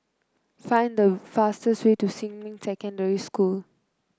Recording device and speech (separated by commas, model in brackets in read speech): close-talking microphone (WH30), read sentence